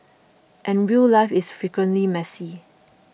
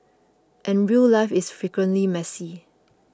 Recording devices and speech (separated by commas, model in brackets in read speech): boundary microphone (BM630), close-talking microphone (WH20), read sentence